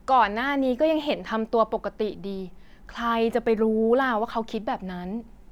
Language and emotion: Thai, frustrated